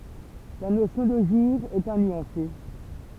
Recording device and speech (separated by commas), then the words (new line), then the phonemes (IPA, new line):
temple vibration pickup, read sentence
La notion de jour est à nuancer.
la nosjɔ̃ də ʒuʁ ɛt a nyɑ̃se